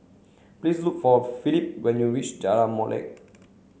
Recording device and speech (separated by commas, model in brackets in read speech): mobile phone (Samsung C7), read sentence